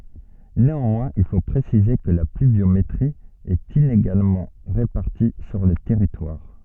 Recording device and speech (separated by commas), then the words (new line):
soft in-ear microphone, read sentence
Néanmoins il faut préciser que la pluviométrie est inégalement répartie sur le territoire.